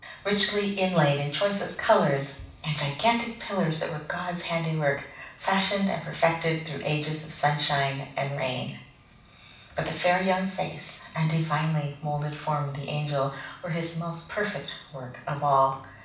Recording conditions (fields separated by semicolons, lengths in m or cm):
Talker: one person; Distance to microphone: 5.8 m; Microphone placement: far; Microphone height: 1.8 m; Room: medium-sized (5.7 m by 4.0 m); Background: none